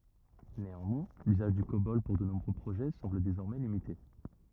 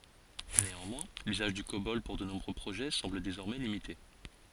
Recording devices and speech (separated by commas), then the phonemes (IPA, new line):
rigid in-ear microphone, forehead accelerometer, read sentence
neɑ̃mwɛ̃ lyzaʒ dy kobɔl puʁ də nuvo pʁoʒɛ sɑ̃bl dezɔʁmɛ limite